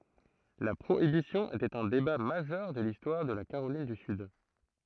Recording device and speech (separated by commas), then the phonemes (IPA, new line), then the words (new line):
throat microphone, read sentence
la pʁoibisjɔ̃ etɛt œ̃ deba maʒœʁ də listwaʁ də la kaʁolin dy syd
La Prohibition était un débat majeur de l'histoire de la Caroline du Sud.